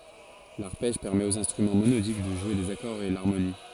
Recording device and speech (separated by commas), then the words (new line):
forehead accelerometer, read sentence
L'arpège permet aux instruments monodiques de jouer des accords et l'harmonie.